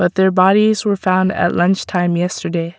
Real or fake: real